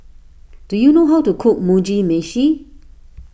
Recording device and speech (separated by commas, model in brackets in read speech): boundary microphone (BM630), read sentence